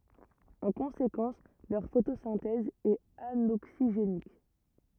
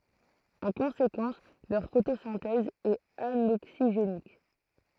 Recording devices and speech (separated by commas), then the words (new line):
rigid in-ear microphone, throat microphone, read sentence
En conséquence leur photosynthèse est anoxygénique.